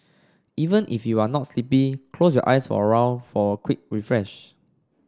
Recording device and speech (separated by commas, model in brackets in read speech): standing microphone (AKG C214), read sentence